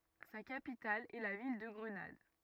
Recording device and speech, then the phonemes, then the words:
rigid in-ear microphone, read sentence
sa kapital ɛ la vil də ɡʁənad
Sa capitale est la ville de Grenade.

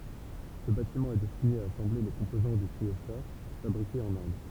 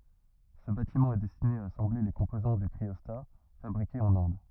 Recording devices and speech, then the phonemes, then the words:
temple vibration pickup, rigid in-ear microphone, read sentence
sə batimɑ̃ ɛ dɛstine a asɑ̃ble le kɔ̃pozɑ̃ dy kʁiɔsta fabʁikez ɑ̃n ɛ̃d
Ce bâtiment est destiné à assembler les composants du cryostat, fabriqués en Inde.

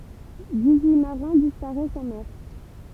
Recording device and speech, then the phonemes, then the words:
temple vibration pickup, read sentence
dis yi maʁɛ̃ dispaʁɛst ɑ̃ mɛʁ
Dix-huit marins disparaissent en mer.

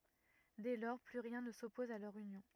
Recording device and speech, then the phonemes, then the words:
rigid in-ear microphone, read sentence
dɛ lɔʁ ply ʁjɛ̃ nə sɔpɔz a lœʁ ynjɔ̃
Dès lors, plus rien ne s'oppose à leur union.

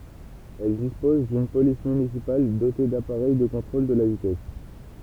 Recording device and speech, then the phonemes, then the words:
temple vibration pickup, read sentence
ɛl dispɔz dyn polis mynisipal dote dapaʁɛj də kɔ̃tʁol də la vitɛs
Elle dispose d'une police municipale dotée d'appareil de contrôle de la vitesse.

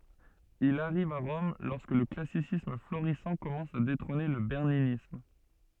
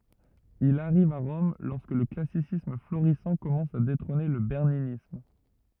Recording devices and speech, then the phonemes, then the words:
soft in-ear microphone, rigid in-ear microphone, read sentence
il aʁiv a ʁɔm lɔʁskə lə klasisism floʁisɑ̃ kɔmɑ̃s a detʁɔ̃ne lə bɛʁninism
Il arrive à Rome lorsque le classicisme florissant commence à détrôner le berninisme.

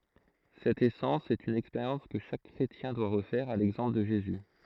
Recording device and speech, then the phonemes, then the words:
throat microphone, read sentence
sɛt esɑ̃s sɛt yn ɛkspeʁjɑ̃s kə ʃak kʁetjɛ̃ dwa ʁəfɛʁ a lɛɡzɑ̃pl də ʒezy
Cette essence, c'est une expérience que chaque chrétien doit refaire, à l'exemple de Jésus.

